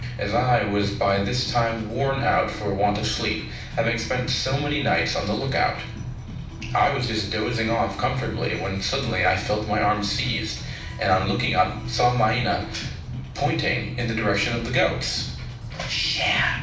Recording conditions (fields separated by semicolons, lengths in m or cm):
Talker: one person; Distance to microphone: 5.8 m; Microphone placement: far; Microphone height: 1.8 m; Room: medium-sized (5.7 m by 4.0 m); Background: music